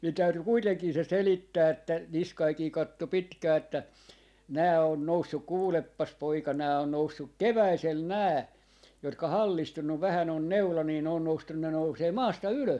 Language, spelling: Finnish, minun täytyi kuitenkin se selittää että Niskanenkin katsoi pitkään että nämä on noussut kuulepas poika nämä on noussut keväisellä nämä jotka hallistunut vähän on neula niin ne on noustu ne nousee maasta ylös
- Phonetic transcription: min 'täyty 'kuiteŋkii se "selittää että , "Niskaikii 'katto 'pitkää että , » nää on 'noussuk 'kuuleppas 'poika , nää on 'noussuk "keväisel 'nää , jotka "hallistunnuv vähän ‿on 'neula nii ne on 'noustun , ne nousee "maasta "ylös .

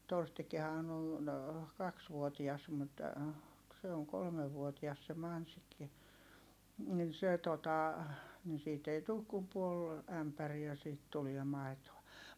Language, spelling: Finnish, Torstikinhan on kaksivuotias mutta se on kolmevuotias se Mansikki niin se tuota niin siitä ei tule kuin puoli ämpäriä siitä tuli maitoa
- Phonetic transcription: Torstik̆kihaan ‿on , kaksvuotias mut , se oŋ kolmevvuotias se Mansikki , nin se tota , ni siit ‿ei tuuk kum puol , ämpäriä siit tuliɛ mai̮toa .

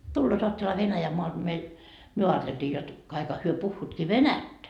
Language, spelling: Finnish, tulevat ajattelehan Venäjänmaalta meille me ajateltiin jotta kaikkihan he puhuvatkin venäjää
- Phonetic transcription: 'tulloot oatteleha 'VenäjämmoalD meil , » myö aateltii jot , kaikha hyö 'puhhuutkii "venättä » .

